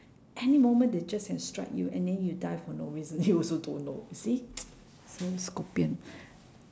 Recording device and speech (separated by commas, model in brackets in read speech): standing microphone, conversation in separate rooms